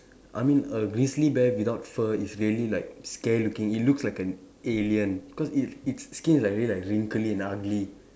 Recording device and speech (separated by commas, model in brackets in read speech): standing microphone, conversation in separate rooms